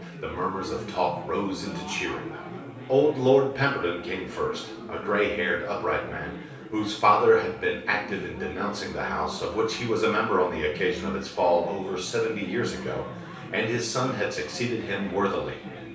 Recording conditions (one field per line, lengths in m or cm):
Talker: one person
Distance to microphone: 3.0 m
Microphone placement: far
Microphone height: 1.8 m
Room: small (3.7 m by 2.7 m)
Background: babble